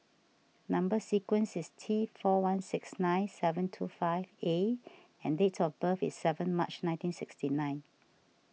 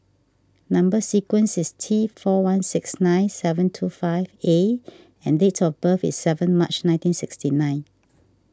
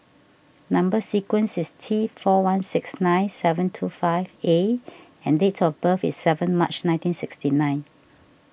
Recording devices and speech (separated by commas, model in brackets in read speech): mobile phone (iPhone 6), standing microphone (AKG C214), boundary microphone (BM630), read sentence